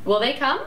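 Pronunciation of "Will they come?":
'Will they come?' is said with a rising intonation.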